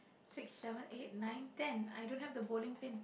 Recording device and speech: boundary microphone, conversation in the same room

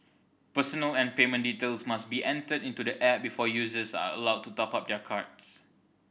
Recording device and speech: boundary microphone (BM630), read sentence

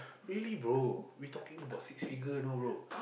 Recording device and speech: boundary microphone, conversation in the same room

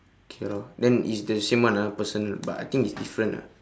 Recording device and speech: standing microphone, conversation in separate rooms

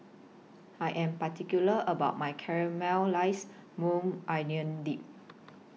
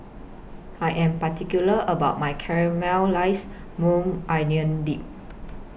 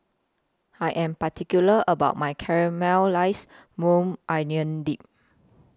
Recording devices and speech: mobile phone (iPhone 6), boundary microphone (BM630), close-talking microphone (WH20), read sentence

